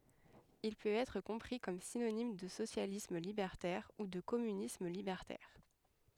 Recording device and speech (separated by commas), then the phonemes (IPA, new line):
headset microphone, read sentence
il pøt ɛtʁ kɔ̃pʁi kɔm sinonim də sosjalism libɛʁtɛʁ u də kɔmynism libɛʁtɛʁ